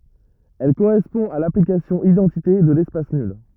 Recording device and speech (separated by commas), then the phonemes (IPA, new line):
rigid in-ear microphone, read sentence
ɛl koʁɛspɔ̃ a laplikasjɔ̃ idɑ̃tite də lɛspas nyl